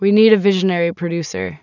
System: none